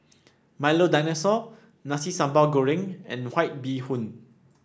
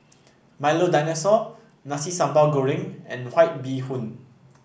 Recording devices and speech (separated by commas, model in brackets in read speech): standing microphone (AKG C214), boundary microphone (BM630), read sentence